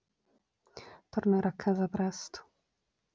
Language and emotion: Italian, sad